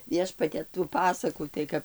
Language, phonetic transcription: Lithuanian, ˈviešpate tų ˈpasakų tai ˈkap

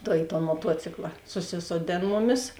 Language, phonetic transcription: Lithuanian, tai i ton moˈtuocikla suˈsisoˌdėn ˈmuˌmis

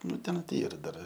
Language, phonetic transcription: Lithuanian, ˈnu ten ti ˈyra dar

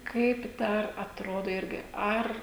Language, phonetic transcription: Lithuanian, kaip ˈdar atˈrodo ˈirgi ˈar

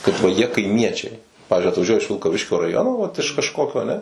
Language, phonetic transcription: Lithuanian, kad va ˈjie kaiˈmiečiai ˈpavizdžiui atvaˈžiuoja iš vilkaˈviškio raˈjono vat iš kažˈkokio aˈne

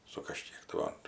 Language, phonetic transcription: Lithuanian, su kaˈžkiek tai ˈva

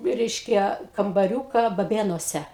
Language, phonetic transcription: Lithuanian, ˈreiškia kambaˈriūka baˈbėnuose

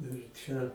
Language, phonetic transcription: Lithuanian, ir ˈčia

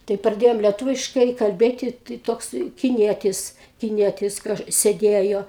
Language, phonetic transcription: Lithuanian, tai praˈdėjom lieˈtuviškai kalˈbėti tai ˈtoks kiˈnietis kiˈnietis ˈkaž sėˈdėjo

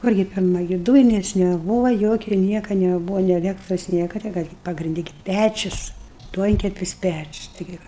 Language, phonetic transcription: Lithuanian, ˈkurgi ˈpirma gi ˈdūjines neˈbūva ˈjokia ˈnieka neˈbūva nė aˈlektros ˈnieka ti ˈką gi pagrinˈdi gi ˈpæčius ˈduonkepis ˈpæčius taiˈgi ˈva

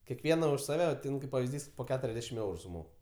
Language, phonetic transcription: Lithuanian, keˈkviena už saˈve ˈtin kaip pavizˈdys po ˈketuriasˌdešim ˈeuru suˈmok

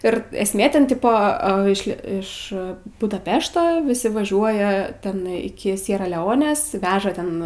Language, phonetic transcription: Lithuanian, ir esˈmė ˈten ˈtipo ˈa iš ˈlie iš budaˈpešto ˈvisi vaˈžiuoja ˈten iˈki ˈsiera leˈonės ˈveža ten

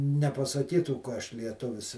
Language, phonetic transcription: Lithuanian, nepasaˈkytų ka ˈaš lieˈtuvis

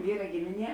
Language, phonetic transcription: Lithuanian, ˈvyra ˈgimiˌnie

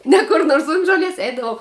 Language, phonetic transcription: Lithuanian, ˈne kur ˈnors unt žoˈlies ˈeidavau

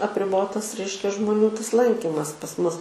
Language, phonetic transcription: Lithuanian, apriˈbotas ˈreiškia žmoˈnių tas ˈlankimas pas ˈmus

